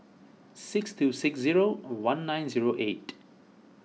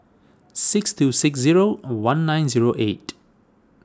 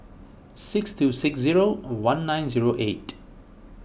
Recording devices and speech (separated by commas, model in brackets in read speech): mobile phone (iPhone 6), standing microphone (AKG C214), boundary microphone (BM630), read sentence